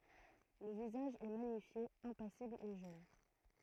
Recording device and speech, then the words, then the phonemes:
throat microphone, read sentence
Le visage est magnifié, impassible et jeune.
lə vizaʒ ɛ maɲifje ɛ̃pasibl e ʒøn

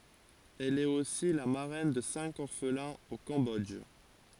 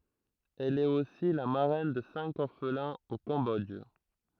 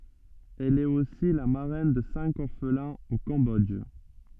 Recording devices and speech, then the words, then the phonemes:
forehead accelerometer, throat microphone, soft in-ear microphone, read sentence
Elle est aussi la marraine de cinq orphelins au Cambodge.
ɛl ɛt osi la maʁɛn də sɛ̃k ɔʁflɛ̃z o kɑ̃bɔdʒ

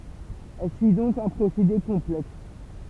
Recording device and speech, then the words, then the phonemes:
temple vibration pickup, read sentence
Elle suit donc un procédé complexe.
ɛl syi dɔ̃k œ̃ pʁosede kɔ̃plɛks

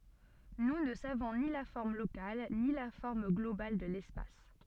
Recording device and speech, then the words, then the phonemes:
soft in-ear microphone, read sentence
Nous ne savons ni la forme locale ni la forme globale de l'espace.
nu nə savɔ̃ ni la fɔʁm lokal ni la fɔʁm ɡlobal də lɛspas

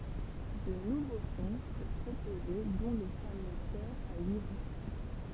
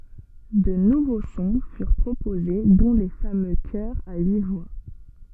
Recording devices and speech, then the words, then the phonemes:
temple vibration pickup, soft in-ear microphone, read sentence
De nouveaux sons furent proposés, dont les fameux chœurs à huit voix.
də nuvo sɔ̃ fyʁ pʁopoze dɔ̃ le famø kœʁz a yi vwa

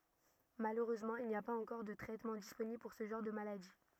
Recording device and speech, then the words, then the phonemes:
rigid in-ear microphone, read sentence
Malheureusement, il n'y a pas encore de traitements disponibles pour ce genre de maladies.
maløʁøzmɑ̃ il ni a paz ɑ̃kɔʁ də tʁɛtmɑ̃ disponibl puʁ sə ʒɑ̃ʁ də maladi

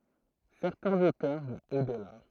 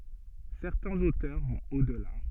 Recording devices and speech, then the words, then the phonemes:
throat microphone, soft in-ear microphone, read sentence
Certains auteurs vont au-delà.
sɛʁtɛ̃z otœʁ vɔ̃t o dəla

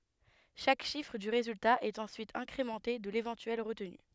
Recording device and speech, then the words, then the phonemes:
headset microphone, read sentence
Chaque chiffre du résultat est ensuite incrémenté de l'éventuelle retenue.
ʃak ʃifʁ dy ʁezylta ɛt ɑ̃syit ɛ̃kʁemɑ̃te də levɑ̃tyɛl ʁətny

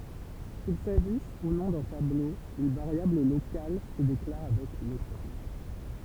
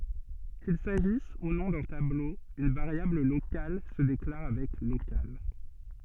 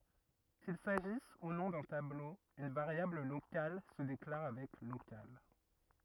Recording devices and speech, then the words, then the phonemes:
temple vibration pickup, soft in-ear microphone, rigid in-ear microphone, read sentence
Qu'il s'agisse ou non d'un tableau, une variable locale se déclare avec local.
kil saʒis u nɔ̃ dœ̃ tablo yn vaʁjabl lokal sə deklaʁ avɛk lokal

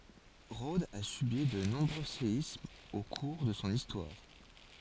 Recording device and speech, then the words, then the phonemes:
forehead accelerometer, read sentence
Rhodes a subi de nombreux séismes au cours de son histoire.
ʁodz a sybi də nɔ̃bʁø seismz o kuʁ də sɔ̃ istwaʁ

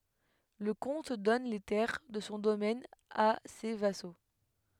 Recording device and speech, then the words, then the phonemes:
headset microphone, read sentence
Le comte donne les terres de son domaine à ses vassaux.
lə kɔ̃t dɔn le tɛʁ də sɔ̃ domɛn a se vaso

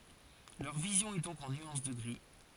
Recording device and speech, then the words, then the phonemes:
forehead accelerometer, read sentence
Leur vision est donc en nuances de gris.
lœʁ vizjɔ̃ ɛ dɔ̃k ɑ̃ nyɑ̃s də ɡʁi

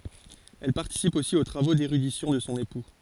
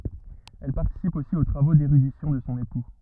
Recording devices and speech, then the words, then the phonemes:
forehead accelerometer, rigid in-ear microphone, read sentence
Elle participe aussi aux travaux d'érudition de son époux.
ɛl paʁtisip osi o tʁavo deʁydisjɔ̃ də sɔ̃ epu

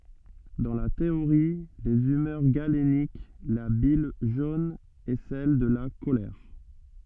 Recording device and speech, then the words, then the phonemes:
soft in-ear microphone, read sentence
Dans la théorie des humeurs galénique, la bile jaune est celle de la colère.
dɑ̃ la teoʁi dez ymœʁ ɡalenik la bil ʒon ɛ sɛl də la kolɛʁ

